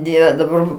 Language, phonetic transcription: Lithuanian, ˈdieve daˈbar

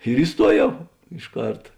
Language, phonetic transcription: Lithuanian, ir iˈstuoˌjau iš ˈkarta

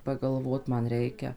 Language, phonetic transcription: Lithuanian, pagalˈvot ˈman ˈreikia

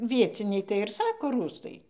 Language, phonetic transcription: Lithuanian, ˈvieciniai tai ir ˈsako ˈrųstai

